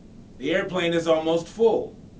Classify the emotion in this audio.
neutral